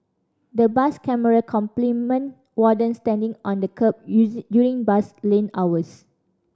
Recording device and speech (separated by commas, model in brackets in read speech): standing microphone (AKG C214), read sentence